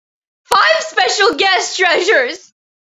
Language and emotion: English, sad